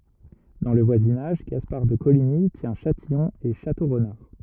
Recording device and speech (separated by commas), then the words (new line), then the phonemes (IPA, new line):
rigid in-ear microphone, read sentence
Dans le voisinage, Gaspard de Coligny tient Châtillon et Château-Renard.
dɑ̃ lə vwazinaʒ ɡaspaʁ də koliɲi tjɛ̃ ʃatijɔ̃ e ʃatoʁnaʁ